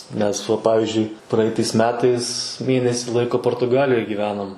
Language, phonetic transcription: Lithuanian, nes ˈva ˈpavizdžiui ˈpraitais ˈmetais ˈmėnesi ˈlaiko portuˈgalijoj gyˈvenom

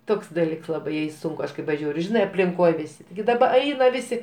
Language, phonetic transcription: Lithuanian, ˈtoks daˈlyks ˈlabai jai ˈsunku ˈaš kai paˈžiūriu ˈžinai aplinˈkoj ˈvisi tigi daˈba ˈaina ˈvisi

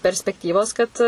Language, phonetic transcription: Lithuanian, perspekˈtyvos ˈkad

